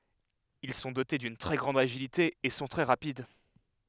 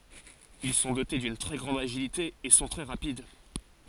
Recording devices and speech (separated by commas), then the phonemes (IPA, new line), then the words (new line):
headset microphone, forehead accelerometer, read sentence
il sɔ̃ dote dyn tʁɛ ɡʁɑ̃d aʒilite e sɔ̃ tʁɛ ʁapid
Ils sont dotés d'une très grande agilité et sont très rapides.